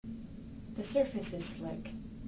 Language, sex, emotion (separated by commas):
English, female, neutral